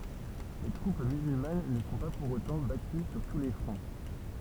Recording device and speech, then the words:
temple vibration pickup, read sentence
Les troupes musulmanes ne sont pas, pour autant, battues sur tous les fronts.

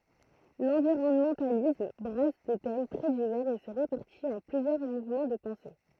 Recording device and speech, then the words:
throat microphone, read sentence
L'environnementalisme brasse des thèmes très divers et se répartit en plusieurs mouvements de pensée.

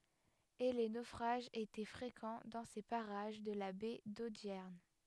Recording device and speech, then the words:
headset microphone, read sentence
Et les naufrages étaient fréquents dans ces parages de la baie d'Audierne.

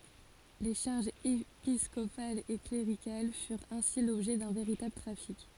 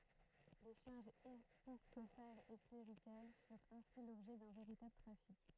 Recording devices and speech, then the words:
forehead accelerometer, throat microphone, read sentence
Les charges épiscopales et cléricales furent ainsi l’objet d’un véritable trafic.

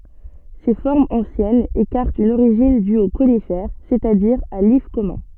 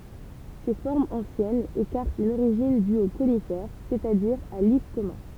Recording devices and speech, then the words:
soft in-ear microphone, temple vibration pickup, read sentence
Ces formes anciennes écartent une origine due au conifère, c'est-à-dire à l'if commun.

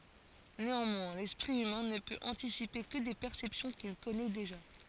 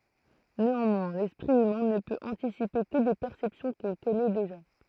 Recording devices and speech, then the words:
forehead accelerometer, throat microphone, read sentence
Néanmoins, l'esprit humain ne peut anticiper que des perceptions qu'il connaît déjà.

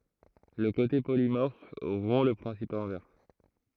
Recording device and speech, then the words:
throat microphone, read sentence
Le côté polymorphe rompt le principe inverse.

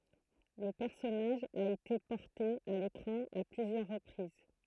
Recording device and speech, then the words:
throat microphone, read sentence
Le personnage a été porté à l'écran à plusieurs reprises.

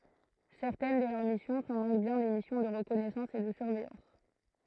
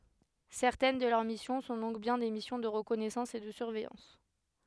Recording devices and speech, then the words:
throat microphone, headset microphone, read sentence
Certaines de leurs missions sont donc bien des missions de reconnaissance et de surveillance.

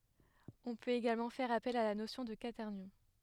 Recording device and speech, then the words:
headset microphone, read sentence
On peut également faire appel à la notion de quaternions.

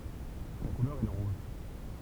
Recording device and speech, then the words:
temple vibration pickup, read sentence
Sa couleur est le rouge.

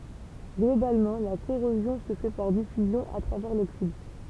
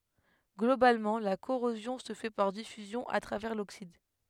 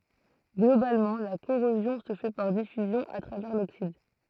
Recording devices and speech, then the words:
temple vibration pickup, headset microphone, throat microphone, read sentence
Globalement, la corrosion se fait par diffusion à travers l'oxyde.

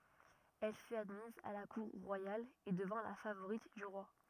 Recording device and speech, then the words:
rigid in-ear microphone, read sentence
Elle fut admise à la cour royale et devint la favorite du roi.

